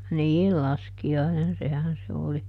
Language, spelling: Finnish, niin laskiainen sehän se oli
- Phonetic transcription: "niil ˈlaski₍ainen ˈsehän se ˈoli .

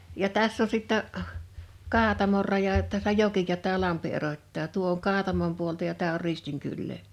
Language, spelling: Finnish, ja tässä on sitten Kaatamon raja tässä joki ja tämä lampi erottaa tuo on Kaatamon puolta ja tämä on Ristin kylää
- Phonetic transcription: ja 'täss ‿on sittä , "Kaatamor raja , tässä "joki ja tää "lampi 'erot́taa 'tuo oŋ "Kaatamom puolta ja 'tää or "Ristiŋ kyllee .

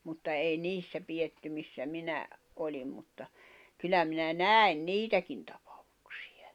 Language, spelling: Finnish, mutta ei niissä pidetty missä minä olin mutta kyllä minä näin niitäkin tapauksiakin
- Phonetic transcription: mutta ei "niissä pijetty missä 'minä , 'oĺim mutta , 'kyllä minä "nä̀i̬n "niitäkin tᴀpᴀᴠᴜksɪ₍ᴀ̳̈ᴀ̳̈ .

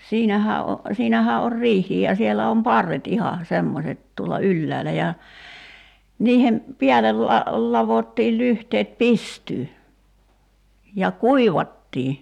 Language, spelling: Finnish, siinähän - siinähän on riihikin ja siellä on parret ihan semmoiset tuolla ylhäällä ja niiden päälle - ladottiin lyhteet pystyyn ja kuivattiin
- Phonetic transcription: 'siinähä o- , 'siinähää or "riih̀iij ja 'sielä om "parret iha , 'semmoset tuola "ylläälä ja , 'niihem , 'piälel la- , 'lavottiil 'lyhteet "pistyy , ja "kuivattii .

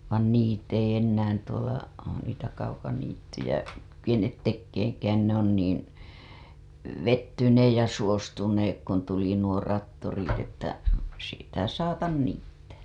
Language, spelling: Finnish, vaan niitä ei enää tuolla niitä kaukaniittyjä kykene tekemäänkään ne on niin vettyneet ja suostuneet kun tuli nuo traktorit että sitä saata niittää
- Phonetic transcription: vaan "niit ‿ei 'ennään tuola , niitä kaukaniittyjä , kykenet 'tekkeeŋkään ne ‿on niin̬ , "vettyneej ja suostuneek kun tuli nuo rattorit että , 'sitä "saatan 'niittää .

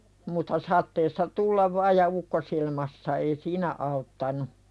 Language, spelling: Finnish, mutta sateessa tulla vain ja ukkosilmassa ei siinä auttanut
- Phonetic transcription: mutta 'sat̆teessa "tullav vaaj ja 'ukkosilmassa ei "siinä 'auttanu .

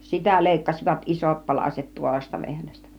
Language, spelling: Finnish, sitä leikkasivat isot palaset tuoretta vehnästä
- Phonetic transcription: sitä 'lèikkasivat "isot 'palaset tuoresta 'vehnästä .

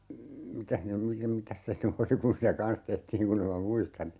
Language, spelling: Finnish, mitäs ne - mitäs se nyt oli kun sitä kanssa tehtiin kun en minä muista niin
- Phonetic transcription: 'mitäh ne , mi - 'mitäs se ny "oli kun si(t)ä "kans tehtiiŋ 'kunn ‿em ma "muistan (ni) , .

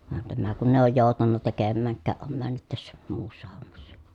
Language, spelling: Finnish, vaan tämä kun ei ole joutanut tekemäänkään on mennyt tässä muussa hommassa
- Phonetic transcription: van tämä kun ‿èi̮ ooj jòu̬tanna tekemmääŋk̆kääʼ ʼom männyt tässä , muussa hommassA .

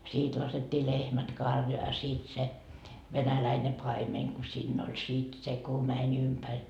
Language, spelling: Finnish, siitä laskettiin lehmät karjaan ja siitä se venäläinen paimen kun siinä oli sitten se kun meni ympäri
- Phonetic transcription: 'siit laset́t́ii "lehmät "karjoa ja siit se , 'venäläine 'paimeŋ ku siinn ‿oĺ sit 'se ku 'mä'ń ‿ympäŕ .

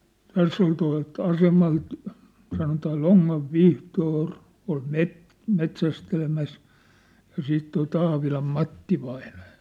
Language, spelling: Finnish, tässä oli tuolta asemalta sanotaan Lonnan Vihtori oli - metsästämässä ja sitten tuo Taavilan Matti vainaja
- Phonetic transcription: 'täss ‿ol tua̭lt 'asemalt , sanotaa "ʟoŋŋav "Vihtoor , ol "met- , 'met̳s̳ästelemäs , ja 'siit toi 'Taavilam "Matti vainᴀᴊᴀ .

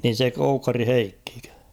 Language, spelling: Finnish, niin se Koukkarin Heikkikö
- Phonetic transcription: niin̬ 'se 'Koukkari "Heikkikö ?

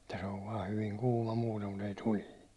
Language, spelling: Finnish, että se on vain hyvin kuuma muuten mutta ei tulinen
- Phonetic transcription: Et̆tä se ov vaa hyviŋ 'kuuma muutem mut ‿ei 'tulii .

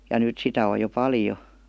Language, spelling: Finnish, ja nyt sitä on jo paljon
- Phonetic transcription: ja 'nỳt sitä o jo "paljo .

